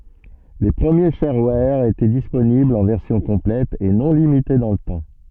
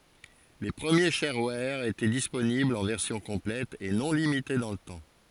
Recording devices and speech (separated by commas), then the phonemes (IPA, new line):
soft in-ear microphone, forehead accelerometer, read sentence
le pʁəmje ʃɛʁwɛʁ etɛ disponiblz ɑ̃ vɛʁsjɔ̃ kɔ̃plɛt e nɔ̃ limite dɑ̃ lə tɑ̃